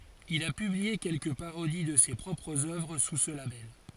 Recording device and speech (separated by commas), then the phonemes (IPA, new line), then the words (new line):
forehead accelerometer, read sentence
il a pyblie kɛlkə paʁodi də se pʁɔpʁz œvʁ su sə labɛl
Il a publié quelques parodies de ses propres œuvres sous ce label.